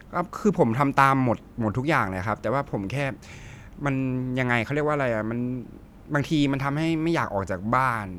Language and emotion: Thai, frustrated